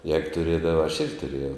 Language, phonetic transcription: Lithuanian, jēg tuˈrėdava aš ˈirgi tuˈrėjau

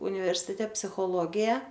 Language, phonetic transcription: Lithuanian, universiˈte psichoˈlogija

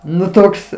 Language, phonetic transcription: Lithuanian, ˈnu ˈtoks

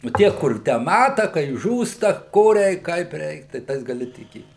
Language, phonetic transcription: Lithuanian, nu ˈtie kur ˈtę ˈmata kai ˈžūsta ˈko ˈreik ˈkaip ˈreik tai ˈtais gaˈli tiˈkėt

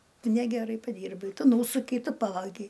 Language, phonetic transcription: Lithuanian, ˈtu ˈnegeˌrai paˈdyrbai ˈtu ˈnūsukei ˈtu ˈpavagei

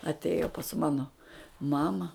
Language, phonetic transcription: Lithuanian, atˈėjo pas ˈmano ˈmama

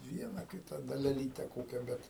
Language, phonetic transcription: Lithuanian, ˈviena ˈkita daleˈlyte ˈkokia ˈbet

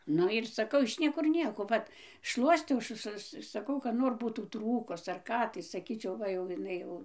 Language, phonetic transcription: Lithuanian, ˈnu ir saˈkau iš ˈniekur ˈnieko ˈvat ˈšluostiau ˈsu su saˈkau kad ˈnor ˈbūtų ˈtrūkus ar ˈką tai saˈkyčiau ˈva jau iˈnai jau

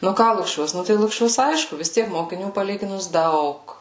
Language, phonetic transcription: Lithuanian, nu ˈką lukˈšiuos ˈnu tai lukˈšiuos ˈaišku vis ˈtiek mokiˈnių paˈlyginus ˈdaug

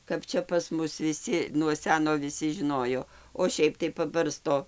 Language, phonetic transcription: Lithuanian, kap ˈčia pas ˈmus viˈsi nuo ˈseno viˈsi žiˈnojo o ˈšiaip tai paˈbarsto

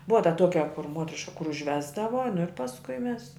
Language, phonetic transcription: Lithuanian, ˈbuva ta ˈtuokia kur ˈmuotriška kur užˈvesdava nu ir pasˈkui ˈmes

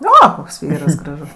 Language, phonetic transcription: Lithuanian, ˈo ˈkoks ˈvyras graˈžus

